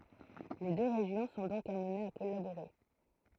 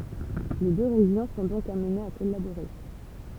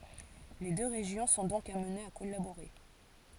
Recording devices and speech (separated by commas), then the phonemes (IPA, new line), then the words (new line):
throat microphone, temple vibration pickup, forehead accelerometer, read sentence
le dø ʁeʒjɔ̃ sɔ̃ dɔ̃k amnez a kɔlaboʁe
Les deux régions sont donc amenées à collaborer.